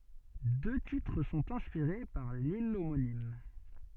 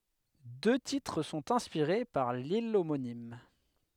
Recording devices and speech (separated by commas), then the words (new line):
soft in-ear microphone, headset microphone, read sentence
Deux titres sont inspirés par l'île homonyme.